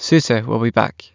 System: none